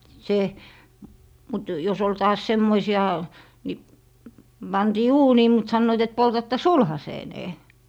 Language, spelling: Finnish, se mutta jos oli taas semmoisia niin pantiin uuniin mutta sanoivat että poltatte sulhasenne
- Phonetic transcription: 'se , mut jos ‿ol "taas 'semmoisi₍a , ni , 'pantii "uunii mut 'sannoit et » 'poltatta "sulhaseenee » .

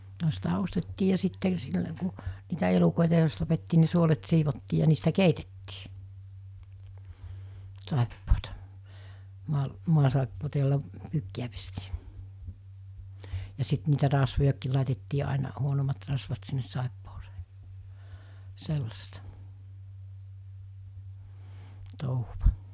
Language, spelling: Finnish, no sitä ostettiin ja sitten silloin kun niitä elukoita jos tapettiin niin suolet siivottiin ja niistä keitettiin saippuaa - maasaippuaa jolla pyykkiä pestiin ja sitten niitä rasvojakin laitettiin aina huonommat rasvat sinne saippuaan sellaista touhua
- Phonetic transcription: no sitä 'ostettii ja sitte sillə ku , niitä 'elukòita jos tapettii ni 'suolet 'siivottii ja niistä "keitettii , 'sàeppoota , mu̬al- , 'muasàeppoota jolla , 'pyykki₍ä pestii , ja sit niitä 'rasvojakkiil làitettii àina , 'huonommat rasvat sinnes 'sàepposᴇᴇ , 'sellasta , 'touhuva .

